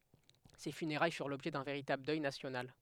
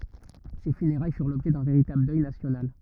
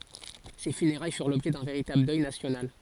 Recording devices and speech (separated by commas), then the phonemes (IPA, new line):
headset microphone, rigid in-ear microphone, forehead accelerometer, read sentence
se fyneʁaj fyʁ lɔbʒɛ dœ̃ veʁitabl dœj nasjonal